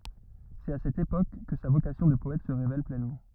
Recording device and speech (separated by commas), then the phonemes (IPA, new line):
rigid in-ear microphone, read sentence
sɛt a sɛt epok kə sa vokasjɔ̃ də pɔɛt sə ʁevɛl plɛnmɑ̃